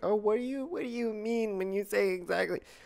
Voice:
nerd voice